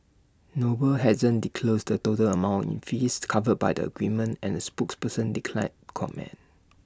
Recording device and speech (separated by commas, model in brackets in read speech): standing microphone (AKG C214), read sentence